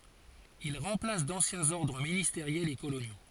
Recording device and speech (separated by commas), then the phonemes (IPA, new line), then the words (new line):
forehead accelerometer, read sentence
il ʁɑ̃plas dɑ̃sjɛ̃z ɔʁdʁ ministeʁjɛlz e kolonjo
Il remplace d'anciens ordres ministériels et coloniaux.